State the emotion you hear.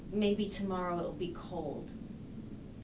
neutral